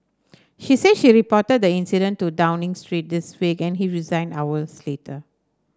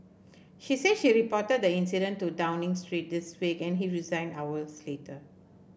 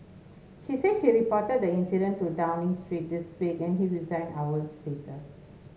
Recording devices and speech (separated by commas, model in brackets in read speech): standing microphone (AKG C214), boundary microphone (BM630), mobile phone (Samsung S8), read sentence